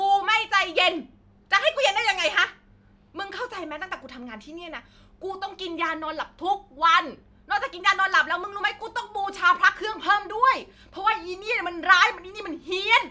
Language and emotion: Thai, angry